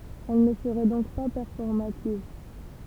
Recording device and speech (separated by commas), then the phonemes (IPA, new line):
temple vibration pickup, read sentence
ɛl nə səʁɛ dɔ̃k pa pɛʁfɔʁmativ